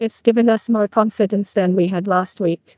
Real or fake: fake